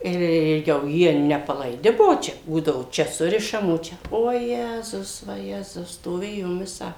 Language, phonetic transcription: Lithuanian, ir ˈjau ˈjie nepalaiˈdi ˈbuo ˈčia ˈbūdavo ˈčia ˈsurišam o ˈčia oˈjezus vaˈjezus stoˈvėjom ˈvisą

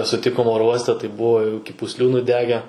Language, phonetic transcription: Lithuanian, suˈtikom ˈoro ˈuoste tai ˈbuvo jau iki pusˈlių nuˈdege

